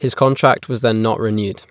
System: none